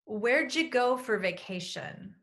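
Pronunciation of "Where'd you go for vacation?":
In 'Where'd you go for vacation?', 'for' is reduced and sounds like 'fur'.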